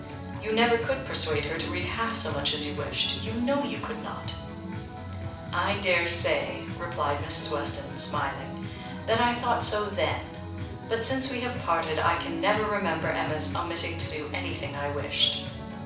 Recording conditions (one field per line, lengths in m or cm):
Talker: one person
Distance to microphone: 5.8 m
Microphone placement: far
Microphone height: 1.8 m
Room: medium-sized (5.7 m by 4.0 m)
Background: music